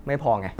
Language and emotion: Thai, frustrated